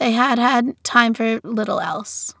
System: none